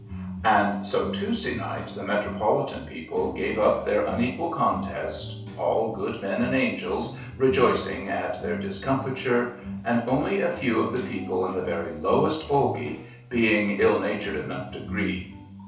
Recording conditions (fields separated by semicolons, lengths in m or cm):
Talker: one person; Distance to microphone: 3.0 m; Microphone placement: far; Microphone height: 1.8 m; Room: small (3.7 m by 2.7 m); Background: music